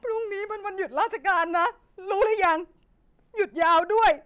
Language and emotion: Thai, sad